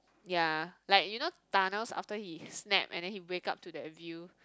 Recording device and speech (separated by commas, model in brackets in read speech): close-talking microphone, conversation in the same room